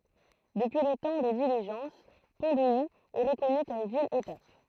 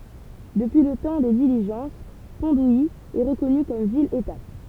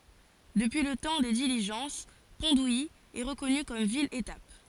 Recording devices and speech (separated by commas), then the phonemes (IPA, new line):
throat microphone, temple vibration pickup, forehead accelerometer, read sentence
dəpyi lə tɑ̃ de diliʒɑ̃s pɔ̃ duji ɛ ʁəkɔny kɔm vil etap